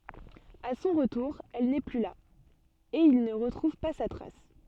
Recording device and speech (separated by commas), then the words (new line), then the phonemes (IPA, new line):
soft in-ear microphone, read sentence
A son retour, elle n'est plus là, et il ne retrouve pas sa trace.
a sɔ̃ ʁətuʁ ɛl nɛ ply la e il nə ʁətʁuv pa sa tʁas